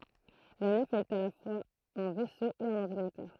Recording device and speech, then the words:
throat microphone, read sentence
La nef est à la fois un vaisseau et un ordinateur.

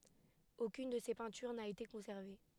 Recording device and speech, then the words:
headset microphone, read sentence
Aucune de ses peintures n'a été conservée.

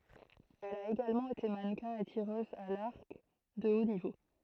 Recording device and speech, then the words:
throat microphone, read sentence
Elle a également été mannequin et tireuse à l'arc de haut niveau.

